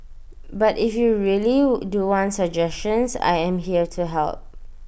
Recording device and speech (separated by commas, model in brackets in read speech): boundary microphone (BM630), read sentence